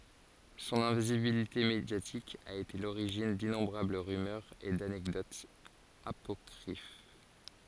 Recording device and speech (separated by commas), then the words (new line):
forehead accelerometer, read sentence
Son invisibilité médiatique a été à l'origine d'innombrables rumeurs et d'anecdotes apocryphes.